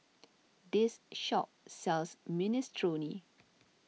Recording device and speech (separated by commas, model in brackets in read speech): mobile phone (iPhone 6), read sentence